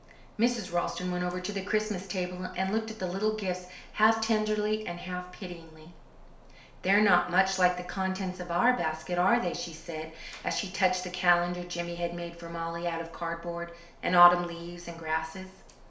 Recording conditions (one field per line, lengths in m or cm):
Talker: one person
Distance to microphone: 1.0 m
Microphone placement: close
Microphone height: 1.1 m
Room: small (3.7 m by 2.7 m)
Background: none